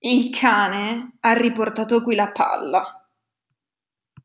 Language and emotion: Italian, disgusted